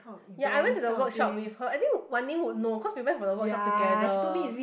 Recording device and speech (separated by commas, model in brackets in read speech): boundary microphone, conversation in the same room